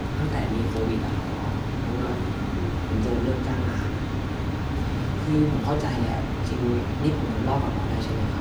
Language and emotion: Thai, frustrated